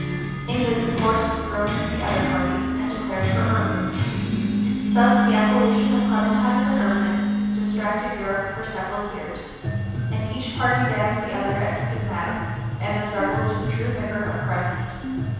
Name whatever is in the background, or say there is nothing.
Music.